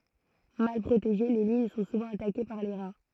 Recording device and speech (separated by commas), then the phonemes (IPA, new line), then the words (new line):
throat microphone, read sentence
mal pʁoteʒe le liɲ sɔ̃ suvɑ̃ atake paʁ le ʁa
Mal protégées, les lignes sont souvent attaquées par les rats.